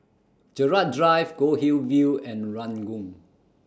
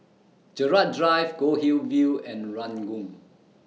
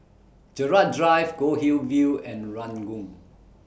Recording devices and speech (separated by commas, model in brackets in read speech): standing microphone (AKG C214), mobile phone (iPhone 6), boundary microphone (BM630), read sentence